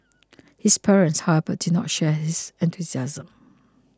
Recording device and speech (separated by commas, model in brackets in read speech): close-talking microphone (WH20), read sentence